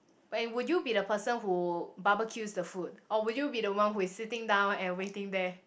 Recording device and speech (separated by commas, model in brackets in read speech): boundary microphone, conversation in the same room